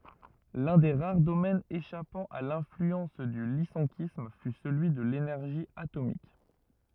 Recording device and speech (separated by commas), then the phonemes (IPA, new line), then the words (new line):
rigid in-ear microphone, read sentence
lœ̃ de ʁaʁ domɛnz eʃapɑ̃ a lɛ̃flyɑ̃s dy lisɑ̃kism fy səlyi də lenɛʁʒi atomik
L'un des rares domaines échappant à l'influence du lyssenkisme fut celui de l'énergie atomique.